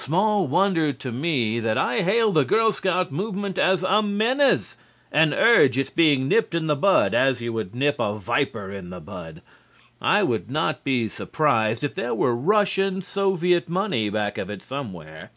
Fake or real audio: real